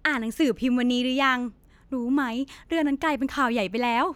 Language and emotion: Thai, happy